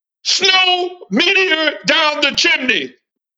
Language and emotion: English, happy